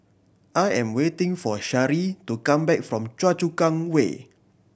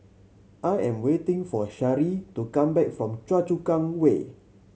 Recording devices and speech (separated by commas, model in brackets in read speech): boundary microphone (BM630), mobile phone (Samsung C7100), read sentence